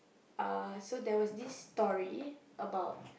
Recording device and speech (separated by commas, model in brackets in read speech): boundary microphone, conversation in the same room